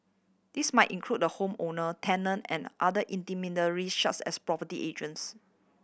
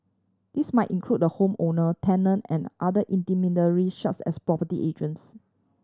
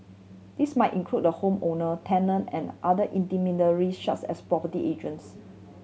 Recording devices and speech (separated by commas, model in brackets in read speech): boundary microphone (BM630), standing microphone (AKG C214), mobile phone (Samsung C7100), read sentence